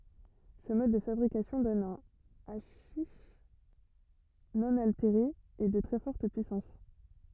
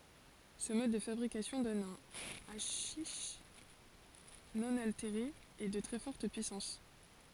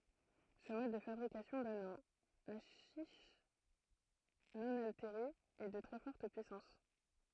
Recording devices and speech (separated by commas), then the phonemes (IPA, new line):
rigid in-ear microphone, forehead accelerometer, throat microphone, read sentence
sə mɔd də fabʁikasjɔ̃ dɔn œ̃ aʃiʃ nɔ̃ alteʁe e də tʁɛ fɔʁt pyisɑ̃s